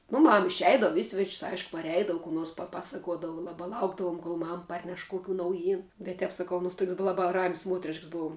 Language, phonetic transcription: Lithuanian, nu ˈmam išˈeidavu ˈi sveč's' ˈaišku parˈeidavu kų ˈnors paˈpasakuodavu ˈlabā ˈlaukdavuom kol ˈmam ˈparneš ˈkokių nauˈjyn bet ˈtep saˈkau aˈnuos tuok's' bu ˈlaba ram's' ˈmuotrišks ˈbov

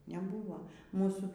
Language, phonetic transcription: Lithuanian, neˈbūvo ˈmūsų

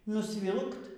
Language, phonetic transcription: Lithuanian, nusˈvilkt

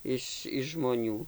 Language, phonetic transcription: Lithuanian, ˈiš žmoˈnių

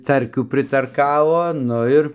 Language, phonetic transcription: Lithuanian, ˈtarkių pritarˈkavo ˈnu ir

